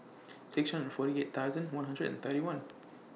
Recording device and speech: mobile phone (iPhone 6), read sentence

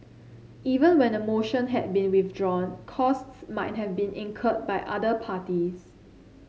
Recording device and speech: mobile phone (Samsung C7), read sentence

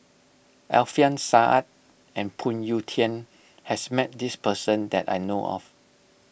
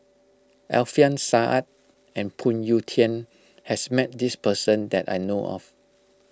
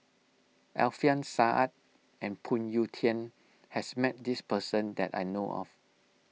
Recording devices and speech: boundary microphone (BM630), close-talking microphone (WH20), mobile phone (iPhone 6), read sentence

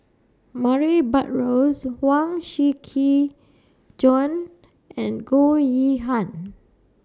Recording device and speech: standing microphone (AKG C214), read sentence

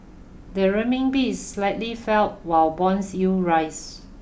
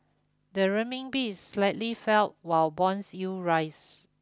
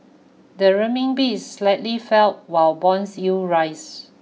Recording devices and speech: boundary microphone (BM630), close-talking microphone (WH20), mobile phone (iPhone 6), read sentence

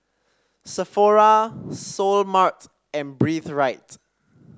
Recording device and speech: standing microphone (AKG C214), read sentence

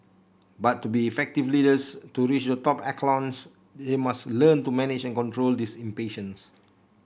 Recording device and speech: boundary microphone (BM630), read sentence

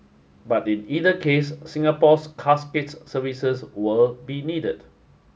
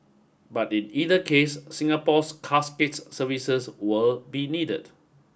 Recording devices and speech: mobile phone (Samsung S8), boundary microphone (BM630), read sentence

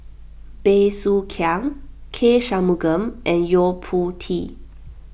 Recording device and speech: boundary microphone (BM630), read sentence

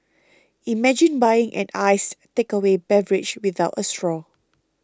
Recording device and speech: close-talking microphone (WH20), read sentence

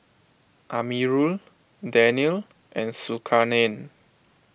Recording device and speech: boundary microphone (BM630), read sentence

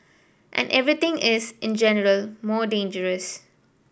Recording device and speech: boundary microphone (BM630), read sentence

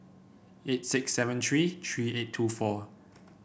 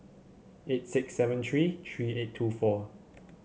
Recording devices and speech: boundary microphone (BM630), mobile phone (Samsung C7), read sentence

